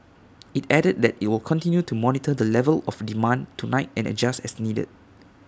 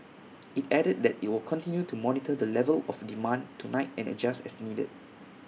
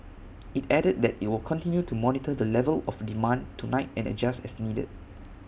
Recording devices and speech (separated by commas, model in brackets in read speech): standing microphone (AKG C214), mobile phone (iPhone 6), boundary microphone (BM630), read sentence